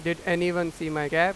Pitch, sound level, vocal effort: 170 Hz, 96 dB SPL, loud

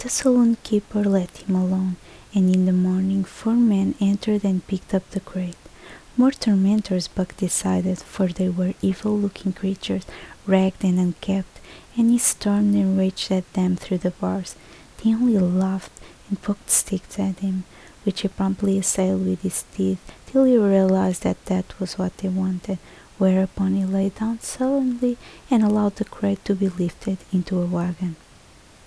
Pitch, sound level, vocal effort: 190 Hz, 72 dB SPL, soft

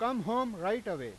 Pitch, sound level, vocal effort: 225 Hz, 99 dB SPL, very loud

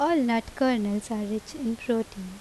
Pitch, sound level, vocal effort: 225 Hz, 81 dB SPL, normal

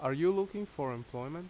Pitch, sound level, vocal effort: 160 Hz, 86 dB SPL, loud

